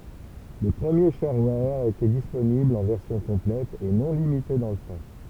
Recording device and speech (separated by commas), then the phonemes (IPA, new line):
temple vibration pickup, read sentence
le pʁəmje ʃɛʁwɛʁ etɛ disponiblz ɑ̃ vɛʁsjɔ̃ kɔ̃plɛt e nɔ̃ limite dɑ̃ lə tɑ̃